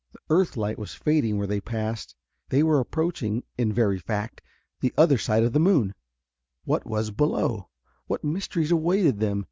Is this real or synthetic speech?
real